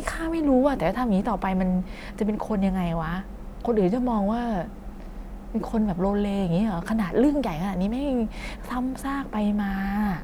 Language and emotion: Thai, frustrated